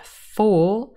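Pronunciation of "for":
'For' is said in its stressed, full form with a long o sound, not reduced to a schwa.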